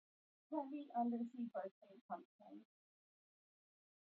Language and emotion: English, sad